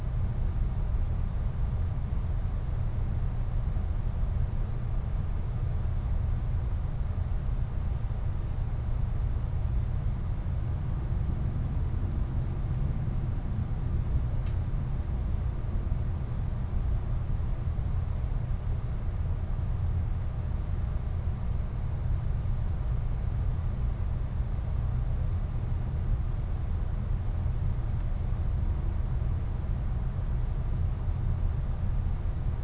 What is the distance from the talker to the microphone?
No talker.